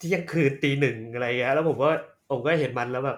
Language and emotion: Thai, happy